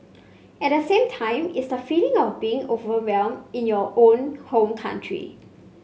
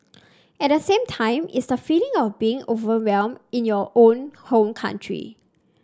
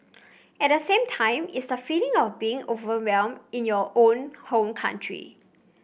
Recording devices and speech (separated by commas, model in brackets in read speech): mobile phone (Samsung C5), standing microphone (AKG C214), boundary microphone (BM630), read sentence